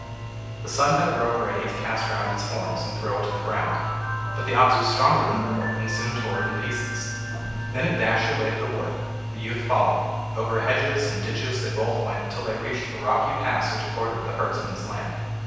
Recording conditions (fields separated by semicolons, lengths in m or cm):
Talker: one person; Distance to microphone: 7.1 m; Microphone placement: far; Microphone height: 1.7 m; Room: very reverberant, large; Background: music